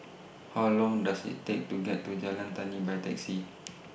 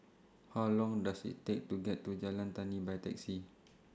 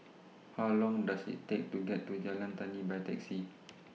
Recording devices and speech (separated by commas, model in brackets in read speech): boundary microphone (BM630), standing microphone (AKG C214), mobile phone (iPhone 6), read sentence